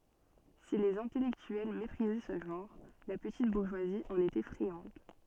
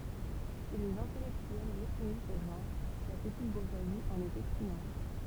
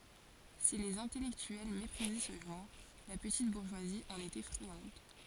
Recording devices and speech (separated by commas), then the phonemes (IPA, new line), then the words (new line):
soft in-ear microphone, temple vibration pickup, forehead accelerometer, read sentence
si lez ɛ̃tɛlɛktyɛl mepʁizɛ sə ʒɑ̃ʁ la pətit buʁʒwazi ɑ̃n etɛ fʁiɑ̃d
Si les intellectuels méprisaient ce genre, la petite bourgeoisie en était friande.